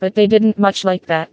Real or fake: fake